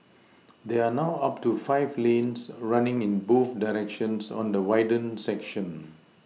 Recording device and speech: mobile phone (iPhone 6), read sentence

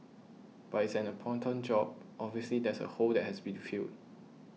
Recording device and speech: mobile phone (iPhone 6), read sentence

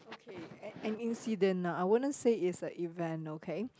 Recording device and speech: close-talking microphone, conversation in the same room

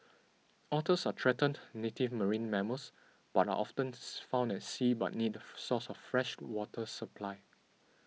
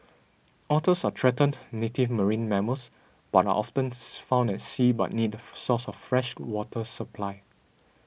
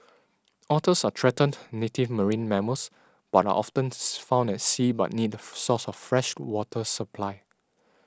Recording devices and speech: mobile phone (iPhone 6), boundary microphone (BM630), standing microphone (AKG C214), read sentence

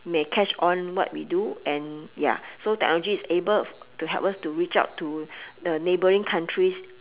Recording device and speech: telephone, conversation in separate rooms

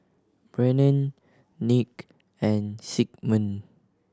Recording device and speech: standing microphone (AKG C214), read sentence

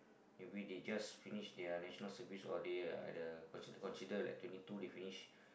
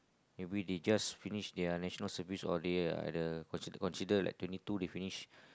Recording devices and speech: boundary microphone, close-talking microphone, conversation in the same room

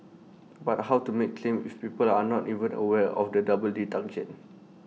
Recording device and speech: mobile phone (iPhone 6), read sentence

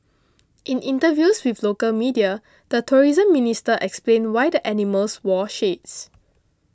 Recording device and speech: close-talking microphone (WH20), read sentence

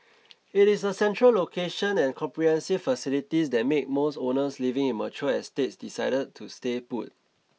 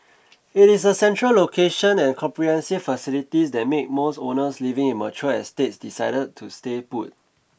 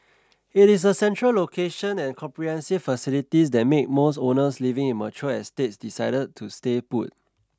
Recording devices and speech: mobile phone (iPhone 6), boundary microphone (BM630), standing microphone (AKG C214), read sentence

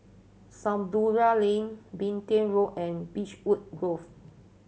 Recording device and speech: mobile phone (Samsung C7100), read sentence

